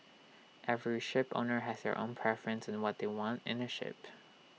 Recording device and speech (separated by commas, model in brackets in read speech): mobile phone (iPhone 6), read sentence